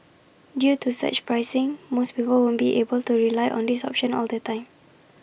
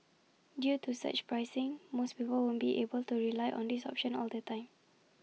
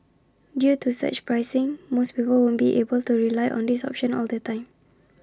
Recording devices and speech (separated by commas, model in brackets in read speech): boundary microphone (BM630), mobile phone (iPhone 6), standing microphone (AKG C214), read sentence